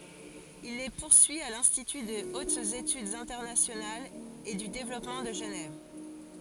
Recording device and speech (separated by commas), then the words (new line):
forehead accelerometer, read sentence
Il les poursuit à l'Institut de hautes études internationales et du développement de Genève.